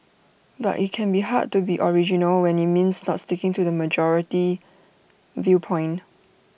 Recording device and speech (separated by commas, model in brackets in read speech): boundary microphone (BM630), read sentence